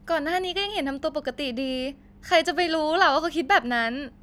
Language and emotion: Thai, neutral